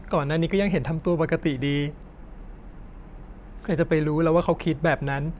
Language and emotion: Thai, sad